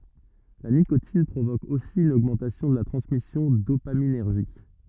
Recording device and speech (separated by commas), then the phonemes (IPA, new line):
rigid in-ear microphone, read sentence
la nikotin pʁovok osi yn oɡmɑ̃tasjɔ̃ də la tʁɑ̃smisjɔ̃ dopaminɛʁʒik